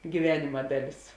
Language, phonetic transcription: Lithuanian, gyˈvenima ˈdaˌlis

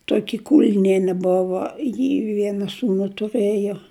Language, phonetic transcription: Lithuanian, ˈtoki ˈkulniene ˈbuvo ji ˈviena ˈsūnu tuˈrɘjo

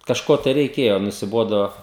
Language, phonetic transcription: Lithuanian, kažˈko tai reiˈkėjo nusiˈbodo

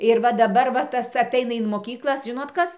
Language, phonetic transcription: Lithuanian, ir ˈva daˈbar va ˈtas aˈtaina in moˈkyklas ˈžinot ˈkas

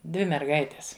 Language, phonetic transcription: Lithuanian, ˈdvi merˈgaites

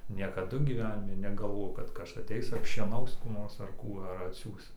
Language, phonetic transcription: Lithuanian, niekaˈdu gyˈvenimi negalˈvojau kad ˈkas aˈteis apšieˈnaus kų ˈnors ar ˈkų ar atˈsiųs

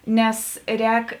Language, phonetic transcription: Lithuanian, ˈnes ˈrēk

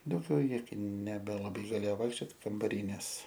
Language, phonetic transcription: Lithuanian, dauˈgiau ˈji nebelaˈbai gaˈlėjo ˈvaikščiot kambaˈry nes

